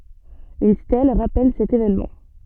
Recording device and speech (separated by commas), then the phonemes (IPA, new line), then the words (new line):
soft in-ear microphone, read sentence
yn stɛl ʁapɛl sɛt evɛnmɑ̃
Une stèle rappelle cet évènement.